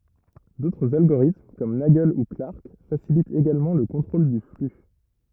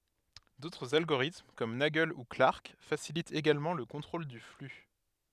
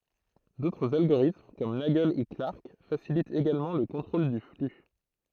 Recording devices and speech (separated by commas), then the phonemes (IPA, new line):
rigid in-ear microphone, headset microphone, throat microphone, read sentence
dotʁz alɡoʁitm kɔm naɡl u klaʁk fasilitt eɡalmɑ̃ lə kɔ̃tʁol dy fly